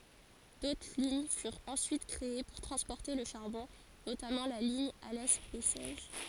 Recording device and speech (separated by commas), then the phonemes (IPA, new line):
forehead accelerometer, read sentence
dotʁ liɲ fyʁt ɑ̃syit kʁee puʁ tʁɑ̃spɔʁte lə ʃaʁbɔ̃ notamɑ̃ la liɲ alɛ bɛsɛʒ